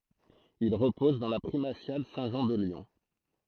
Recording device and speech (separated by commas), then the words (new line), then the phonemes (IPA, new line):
throat microphone, read sentence
Il repose dans la Primatiale Saint-Jean de Lyon.
il ʁəpɔz dɑ̃ la pʁimasjal sɛ̃tʒɑ̃ də ljɔ̃